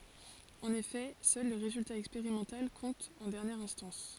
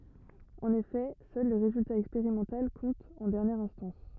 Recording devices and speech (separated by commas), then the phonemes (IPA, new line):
forehead accelerometer, rigid in-ear microphone, read sentence
ɑ̃n efɛ sœl lə ʁezylta ɛkspeʁimɑ̃tal kɔ̃t ɑ̃ dɛʁnjɛʁ ɛ̃stɑ̃s